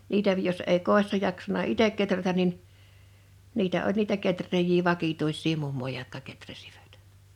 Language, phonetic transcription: Finnish, 'niitä jos èi "kòi̬ssa jaksana "itek 'keträtän̆ nin , 'niitä oĺ niitä 'ketr̆reej̀ii 'vakituissii 'mummoj(a) jotka keträsiVᴀ̈t .
- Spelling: niitä jos ei kodissa jaksanut itse kehrätä niin niitä oli niitä kehrääjiä vakituisia mummoja jotka kehräsivät

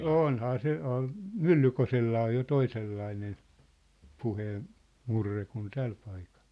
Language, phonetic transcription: Finnish, 'ônhaa se , oh̆ăn̬ , "Myllykosellaa jo 'toisellainen , 'puheen- , '-murre kun 'täl paikᴀʟ .
- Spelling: onhan se onhan Myllykoskellakin jo toisenlainen - puheenmurre kuin tällä paikalla

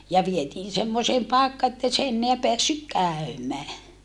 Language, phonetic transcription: Finnish, ja vietiin semmoseem paekka ettei se enneä peässyk kä̀y̬mää .
- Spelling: ja vietiin semmoiseen paikkaan että ei se enää päässyt käymään

